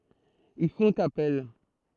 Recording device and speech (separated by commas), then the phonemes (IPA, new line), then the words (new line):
throat microphone, read sentence
il fɔ̃t apɛl
Ils font appel.